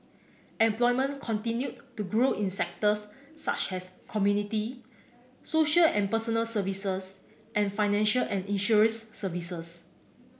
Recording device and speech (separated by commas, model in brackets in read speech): boundary microphone (BM630), read sentence